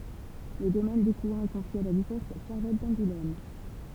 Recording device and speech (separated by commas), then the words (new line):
temple vibration pickup, read sentence
Le domaine d'Écouen est confié à la duchesse Charlotte d'Angoulême.